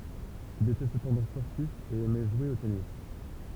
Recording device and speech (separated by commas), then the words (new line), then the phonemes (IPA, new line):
temple vibration pickup, read sentence
Il était cependant sportif et aimait jouer au tennis.
il etɛ səpɑ̃dɑ̃ spɔʁtif e ɛmɛ ʒwe o tenis